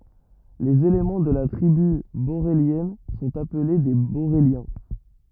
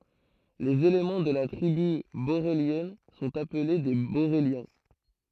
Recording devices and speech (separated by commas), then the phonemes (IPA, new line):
rigid in-ear microphone, throat microphone, read sentence
lez elemɑ̃ də la tʁiby boʁeljɛn sɔ̃t aple de boʁeljɛ̃